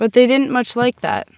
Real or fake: real